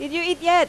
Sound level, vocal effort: 93 dB SPL, very loud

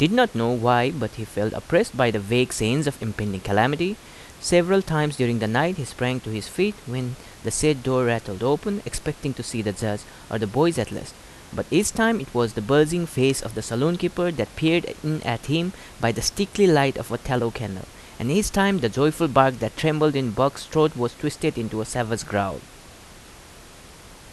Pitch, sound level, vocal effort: 125 Hz, 84 dB SPL, loud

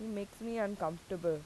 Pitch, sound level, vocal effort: 200 Hz, 85 dB SPL, normal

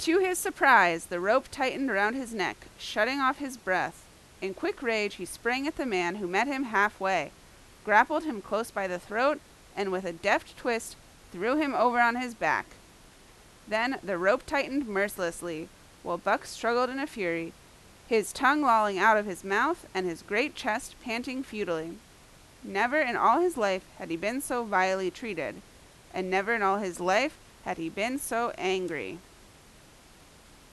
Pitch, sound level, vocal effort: 220 Hz, 90 dB SPL, very loud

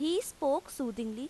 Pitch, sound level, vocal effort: 280 Hz, 88 dB SPL, loud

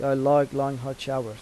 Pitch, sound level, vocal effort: 135 Hz, 87 dB SPL, normal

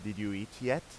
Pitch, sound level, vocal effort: 105 Hz, 90 dB SPL, normal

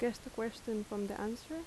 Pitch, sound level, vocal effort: 225 Hz, 79 dB SPL, soft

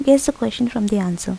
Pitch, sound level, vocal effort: 230 Hz, 77 dB SPL, soft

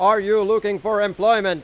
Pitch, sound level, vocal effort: 210 Hz, 104 dB SPL, very loud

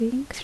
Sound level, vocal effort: 69 dB SPL, soft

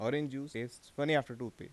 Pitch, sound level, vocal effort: 135 Hz, 87 dB SPL, normal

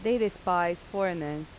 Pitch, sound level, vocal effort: 180 Hz, 86 dB SPL, normal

